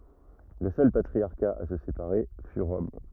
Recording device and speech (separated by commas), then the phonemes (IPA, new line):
rigid in-ear microphone, read sentence
lə sœl patʁiaʁka a sə sepaʁe fy ʁɔm